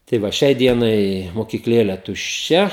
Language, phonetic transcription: Lithuanian, tai ˈva ˈšiai ˈdienai mokykˈlėle tušˈčia

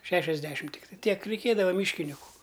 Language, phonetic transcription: Lithuanian, ˈšešiasˌdešim ˈtiktai ˈtiek reiˈkėdava ˈmyškiniku

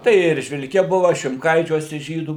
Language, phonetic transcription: Lithuanian, ˈtai i eržvilˈke ˈbuva šimˈkaičiuose ˈžydų

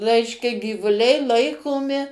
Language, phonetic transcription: Lithuanian, ˈreiškia gyvuˈliai ˈlaikomi

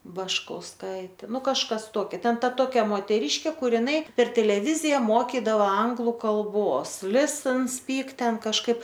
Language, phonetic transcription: Lithuanian, baškausˈkaitė ˈnu kažˈkas ˈtokia ˈten ˈta ˈtokia moteˈryškė ˈkur iˈnai per teleˈvizija ˈmokidavo ˈanglu kalˈbos lisn spyk ˈten kažˈkaip

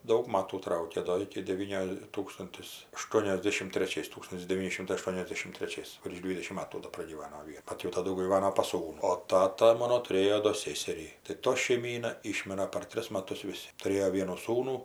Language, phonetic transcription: Lithuanian, ˈdaug ˈmatų ˈtraukė ˈdo ˈiki deˈvynio ˈtūkstuntis aˈštuoniasdešim treˈčiais ˈtūkstuntis deˈvyni ˈšimtai aˈštuoniasdešim treˈčiais virš ˈdvydešim ˈmatų do pragyˈvano ˈvie ˈbat jau taˈdu gyˈvano pas ˈsūnu o ˈtata ˈmono tuˈrėjo do ˈsėserį tai ˈto šeiˈmyna ˈyšmira par ˈtris maˈtus viˈsi tuˈrėjo ˈvienų ˈsūnų

